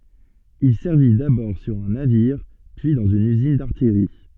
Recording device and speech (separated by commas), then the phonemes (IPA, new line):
soft in-ear microphone, read sentence
il sɛʁvi dabɔʁ syʁ œ̃ naviʁ pyi dɑ̃z yn yzin daʁtijʁi